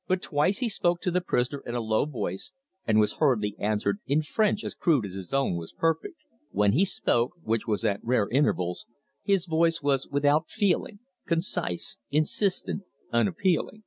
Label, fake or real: real